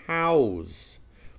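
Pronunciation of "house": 'House' is pronounced as the verb, with a z sound at the end instead of an s sound.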